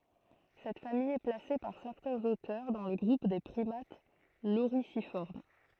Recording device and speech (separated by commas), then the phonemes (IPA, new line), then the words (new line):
throat microphone, read sentence
sɛt famij ɛ plase paʁ sɛʁtɛ̃z otœʁ dɑ̃ lə ɡʁup de pʁimat loʁizifɔʁm
Cette famille est placée par certains auteurs dans le groupe des primates lorisiformes.